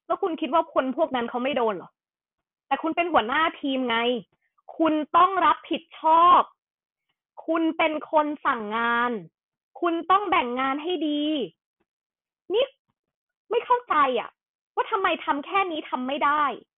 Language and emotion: Thai, angry